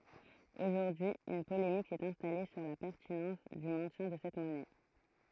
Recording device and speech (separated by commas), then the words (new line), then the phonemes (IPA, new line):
throat microphone, read sentence
Aujourd'hui, une polémique s'est installée sur la pertinence du maintien de cette monnaie.
oʒuʁdyi yn polemik sɛt ɛ̃stale syʁ la pɛʁtinɑ̃s dy mɛ̃tjɛ̃ də sɛt mɔnɛ